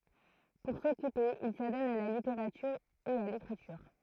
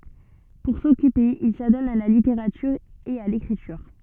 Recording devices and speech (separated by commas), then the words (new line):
throat microphone, soft in-ear microphone, read sentence
Pour s'occuper, il s'adonne à la littérature et à l’écriture.